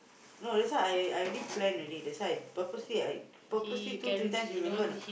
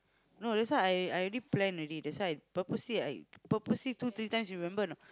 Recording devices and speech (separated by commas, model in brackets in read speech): boundary microphone, close-talking microphone, conversation in the same room